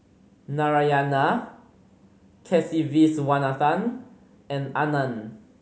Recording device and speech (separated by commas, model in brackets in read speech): mobile phone (Samsung C5010), read sentence